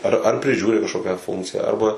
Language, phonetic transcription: Lithuanian, ˈar ar priˈžiūri kažˈkokią ˈfunkciją ˈarba

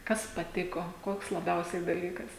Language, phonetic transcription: Lithuanian, ˈkas paˈtiko ˈkoks laˈbiausiai daˈlykas

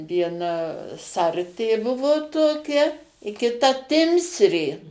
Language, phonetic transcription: Lithuanian, vieˈna ˈsartė ˈbuvo toˈkia i kiˈta ˈtimsrė

